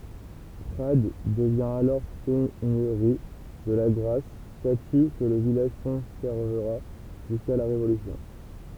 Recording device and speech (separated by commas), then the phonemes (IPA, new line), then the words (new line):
temple vibration pickup, read sentence
pʁad dəvjɛ̃ alɔʁ sɛɲøʁi də laɡʁas staty kə lə vilaʒ kɔ̃sɛʁvəʁa ʒyska la ʁevolysjɔ̃
Prades devient alors seigneurie de Lagrasse, statut que le village conservera jusqu'à la Révolution.